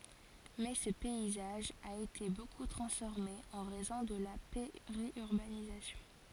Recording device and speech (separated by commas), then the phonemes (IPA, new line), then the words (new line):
forehead accelerometer, read sentence
mɛ sə pɛizaʒ a ete boku tʁɑ̃sfɔʁme ɑ̃ ʁɛzɔ̃ də la peʁjyʁbanizasjɔ̃
Mais ce paysage a été beaucoup transformé en raison de la périurbanisation.